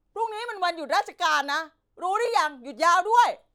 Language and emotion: Thai, angry